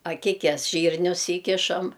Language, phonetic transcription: Lithuanian, aˈkikes ˈžyrnius ˈįkišam

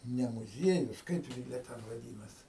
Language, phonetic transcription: Lithuanian, ne muˈziejus ˈkaip gi jie ˈten vaˈdynas

